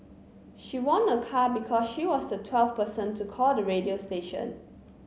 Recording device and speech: mobile phone (Samsung C9), read sentence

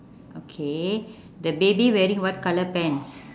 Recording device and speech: standing microphone, conversation in separate rooms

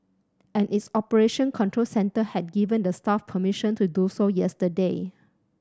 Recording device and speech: standing microphone (AKG C214), read sentence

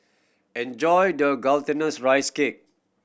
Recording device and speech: boundary microphone (BM630), read sentence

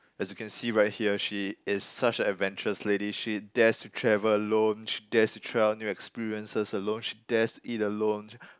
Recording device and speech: close-talking microphone, conversation in the same room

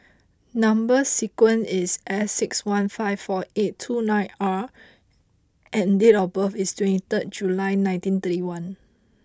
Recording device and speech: close-talking microphone (WH20), read sentence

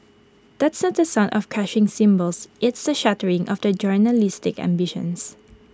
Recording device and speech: close-talking microphone (WH20), read sentence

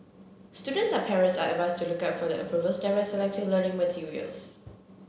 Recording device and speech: mobile phone (Samsung C7), read sentence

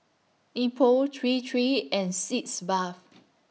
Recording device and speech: mobile phone (iPhone 6), read sentence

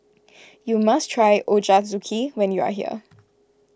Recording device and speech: close-talking microphone (WH20), read sentence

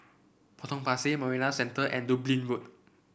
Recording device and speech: boundary microphone (BM630), read sentence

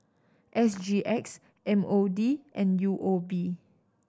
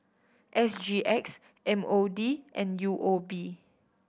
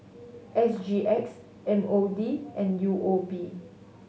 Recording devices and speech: standing microphone (AKG C214), boundary microphone (BM630), mobile phone (Samsung S8), read sentence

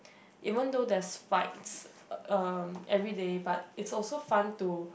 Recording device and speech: boundary microphone, conversation in the same room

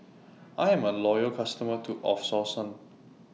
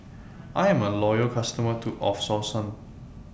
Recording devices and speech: mobile phone (iPhone 6), boundary microphone (BM630), read sentence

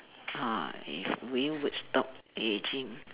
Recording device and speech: telephone, conversation in separate rooms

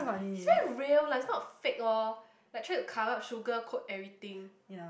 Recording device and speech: boundary microphone, conversation in the same room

